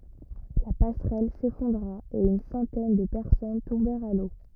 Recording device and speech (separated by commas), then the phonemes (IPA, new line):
rigid in-ear microphone, read sentence
la pasʁɛl sefɔ̃dʁa e yn sɑ̃tɛn də pɛʁsɔn tɔ̃bɛʁt a lo